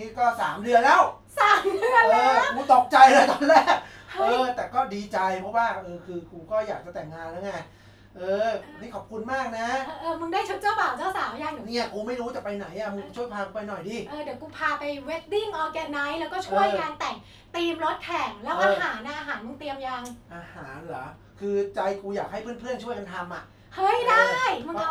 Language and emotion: Thai, happy